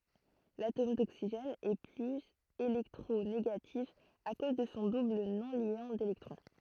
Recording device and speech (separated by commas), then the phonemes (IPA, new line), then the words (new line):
throat microphone, read sentence
latom doksiʒɛn ɛ plyz elɛktʁoneɡatif a koz də sɔ̃ dubl nɔ̃ljɑ̃ delɛktʁɔ̃
L'atome d'oxygène est plus électronégatif à cause de son double non-liant d'électrons.